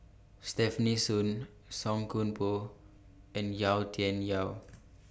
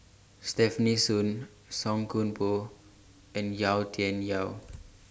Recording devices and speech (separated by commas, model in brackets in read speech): boundary microphone (BM630), standing microphone (AKG C214), read sentence